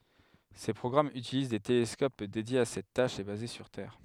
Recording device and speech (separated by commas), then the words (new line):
headset microphone, read sentence
Ces programmes utilisent des télescopes dédiés à cette tâche et basés sur Terre.